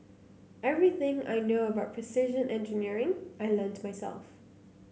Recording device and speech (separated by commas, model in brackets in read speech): mobile phone (Samsung C9), read sentence